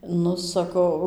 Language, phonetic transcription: Lithuanian, ˈnu saˈkau

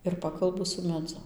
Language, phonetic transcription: Lithuanian, ir ˈpakalbu su meˈdzu

